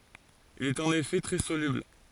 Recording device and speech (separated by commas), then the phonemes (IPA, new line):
forehead accelerometer, read sentence
il i ɛt ɑ̃n efɛ tʁɛ solybl